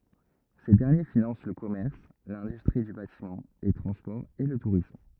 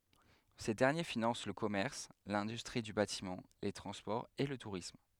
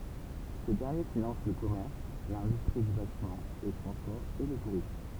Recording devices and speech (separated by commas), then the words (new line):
rigid in-ear microphone, headset microphone, temple vibration pickup, read sentence
Ces derniers financent le commerce, l'industrie du bâtiment, les transports et le tourisme.